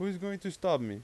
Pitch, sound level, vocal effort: 190 Hz, 92 dB SPL, loud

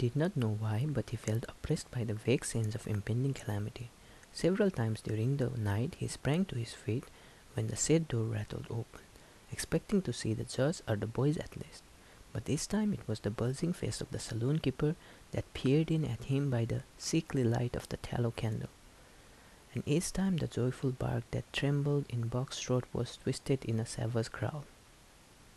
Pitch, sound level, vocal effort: 125 Hz, 72 dB SPL, soft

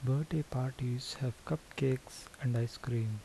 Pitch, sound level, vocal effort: 130 Hz, 72 dB SPL, soft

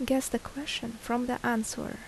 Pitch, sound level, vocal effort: 240 Hz, 73 dB SPL, soft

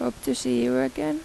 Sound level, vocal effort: 83 dB SPL, soft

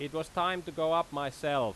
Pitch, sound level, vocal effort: 160 Hz, 96 dB SPL, very loud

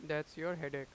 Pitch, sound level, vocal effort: 150 Hz, 92 dB SPL, loud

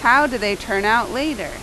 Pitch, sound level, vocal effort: 235 Hz, 91 dB SPL, loud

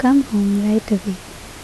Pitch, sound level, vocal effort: 210 Hz, 71 dB SPL, soft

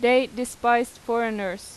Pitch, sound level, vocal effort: 240 Hz, 90 dB SPL, loud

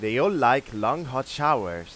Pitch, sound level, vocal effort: 120 Hz, 96 dB SPL, loud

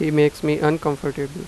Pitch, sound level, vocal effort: 150 Hz, 88 dB SPL, normal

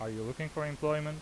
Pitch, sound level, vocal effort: 150 Hz, 87 dB SPL, normal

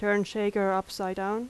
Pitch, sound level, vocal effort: 200 Hz, 84 dB SPL, loud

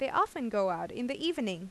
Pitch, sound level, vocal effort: 245 Hz, 87 dB SPL, normal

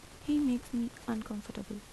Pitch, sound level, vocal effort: 235 Hz, 78 dB SPL, soft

